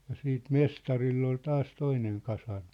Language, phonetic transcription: Finnish, ja 'siit "mestarill ‿ol 'taas 'toineŋ 'kasarmɪ .
- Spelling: ja sitten mestarilla oli taas toinen kasarmi

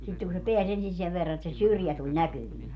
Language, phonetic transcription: Finnish, sitteŋ ku se 'peäs ensin 'sev verra et se "syrjä tuĺ "näkyvii .
- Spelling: sitten kun se pääsi ensin sen verran että se syrjä tuli näkyviin

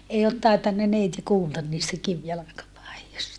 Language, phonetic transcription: Finnish, ei ot taitanna neiti kuultan niistä kivjalakapaijosta ?
- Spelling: ei ole tainnut neiti kuulla niistä kivijalkapaidoista

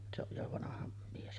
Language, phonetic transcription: Finnish, se ‿oj jo 'vanaha mies .
- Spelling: se on jo vanha mies

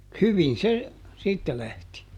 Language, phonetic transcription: Finnish, "hyvin̬ se , "siittä ˈlähti .
- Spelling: hyvin se siitä lähti

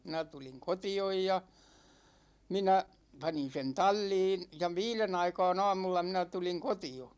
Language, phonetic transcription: Finnish, 'minä 'tuliŋ "koti₍oj ja , 'minä , 'panin sen "tal͕l͕iin , ja "viilen ‿aika̭a̭n ‿'a̭a̭mulla 'minä 'tuliŋ "koti₍o .
- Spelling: minä tulin kotiin ja minä panin sen talliin ja viiden aikaan aamulla minä tulin kotiin

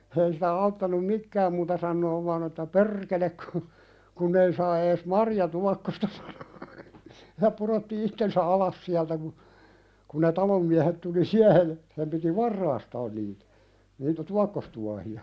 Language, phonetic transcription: Finnish, ei siitä 'auttanum "mikkääm muuta sannoov vaan ‿että » "per̆kelek ku , kunn ‿ei saa ees "marjatuakkosta « sᴀɴᴏ , ja 'puðotti ittensä "alas siältä ku , kun ne 'talom miähet tuli "siähej ja , sem piti "varraastaan niitä niitä "tuakkostuahi₍a .
- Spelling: ei siitä auttanut mitään muuta sanoa vain että perkele kun kun ei saa edes marjatuokkosta sanoi ja pudotti itsensä alas sieltä kun kun ne talon miehet tuli siihen ja sen piti varastaa niitä niitä tuokkostuohia

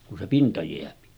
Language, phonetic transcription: Finnish, ku se pinta jeäpi .
- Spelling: kun se pinta jää

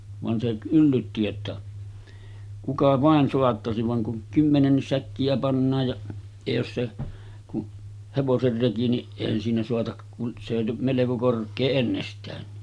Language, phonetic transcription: Finnish, van se 'yllytti että , » 'kuka "vàen 'soattasiv « vaŋ kuŋ 'kymmenennis 'säkki₍ä pannaaj ja , ja jos se , ku’ , 'hevoser 'reki ni , èihän siinä soatak kun , se jo 'meleko 'kork̆kee ennestäänni .
- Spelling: vaan se yllytti että kuka vain saattaisi vaan kun kymmenenkin säkkiä pannaan ja ja jos se kun hevosen reki niin eihän siinä saata kun se jo melko korkea ennestäänkin

